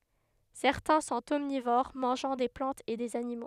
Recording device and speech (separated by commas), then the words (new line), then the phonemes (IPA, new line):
headset microphone, read sentence
Certains sont omnivores, mangeant des plantes et des animaux.
sɛʁtɛ̃ sɔ̃t ɔmnivoʁ mɑ̃ʒɑ̃ de plɑ̃tz e dez animo